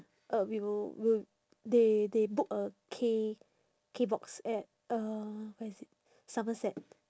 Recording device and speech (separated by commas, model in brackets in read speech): standing microphone, conversation in separate rooms